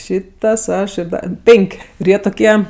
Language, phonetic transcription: Lithuanian, ˈšytas ˈaš ir ˈda ˈpenk' ir ˈjie tuˈkie

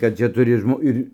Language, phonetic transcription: Lithuanian, kad ˈčia ˈturi ˈžmo ˈir'

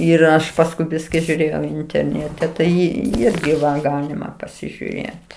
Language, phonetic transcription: Lithuanian, ir ˈaš pasˈkui ˈbiski žiūˈrėjau interˈnėte ˈtai ˈirgi va ˈgalima pasižiuˈrėt

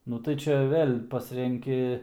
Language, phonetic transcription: Lithuanian, ˈnu tai ˈčia ˈvėl' ˈpasrenki

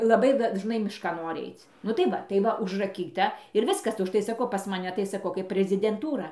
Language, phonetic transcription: Lithuanian, laˈbai dažˈnai mišˈkan ˈnori ˈaic nu tai ˈva tai ˈva užraˈkyta ir ˈviskas užˈtai saˈkau pas maˈne tai saˈkau kaip prezidenˈtūra

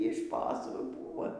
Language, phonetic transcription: Lithuanian, y ˈšposų ˈbūvo

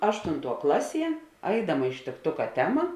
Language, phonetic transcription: Lithuanian, ˈaštunˌtuo ˈklaˌsie ˈaidama ištikˈtuka ˈtema

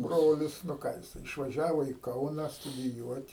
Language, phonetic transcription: Lithuanian, ˈbrolis nu ˈką jiˈsai išvaˈžiavo į ˈkauna studiˈjuot'

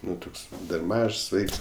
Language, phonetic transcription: Lithuanian, ˈnu ˈtuks dar ˈmažs ˈvaiks

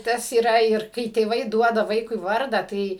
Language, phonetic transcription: Lithuanian, ˈtas yˈra ir ˈkai tėˈvai ˈduoda ˈvaikui ˈvarda ˈtai

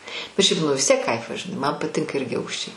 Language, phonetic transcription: Lithuanian, bet ˈšiaip nu vis ˈtiek ˈkaifas žiˈnai man ˈpatinka ˈirgi ˈaukščiai

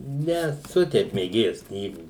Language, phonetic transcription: Lithuanian, neˈsu ˈteip mėˈgėjas ˈknygų

